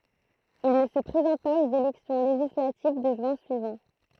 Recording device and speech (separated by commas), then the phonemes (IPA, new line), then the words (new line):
throat microphone, read sentence
il nə sə pʁezɑ̃t paz oz elɛksjɔ̃ leʒislativ də ʒyɛ̃ syivɑ̃
Il ne se présente pas aux élections législatives de juin suivant.